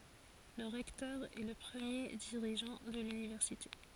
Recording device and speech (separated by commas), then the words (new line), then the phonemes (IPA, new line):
forehead accelerometer, read sentence
Le recteur est le premier dirigeant de l'université.
lə ʁɛktœʁ ɛ lə pʁəmje diʁiʒɑ̃ də lynivɛʁsite